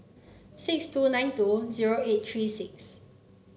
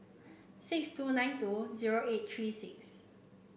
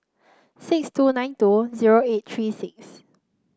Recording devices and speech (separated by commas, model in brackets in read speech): mobile phone (Samsung C9), boundary microphone (BM630), close-talking microphone (WH30), read sentence